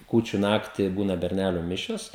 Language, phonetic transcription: Lithuanian, ˈkūčiu ˈnakti ˈbūna berˈnælių ˈmišios

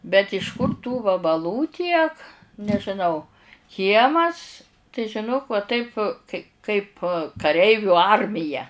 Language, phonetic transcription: Lithuanian, bet iš ˈkur tų vabaˈlų ˈtiek nežiˈnau ˈkiemas tai žiˈnok va ˈtaip kai kaip kaˈreivių ˈarmija

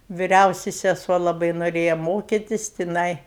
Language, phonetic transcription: Lithuanian, viˈriausi seˈsuo laˈbai noˈrėja ˈmokitis tiˈnai

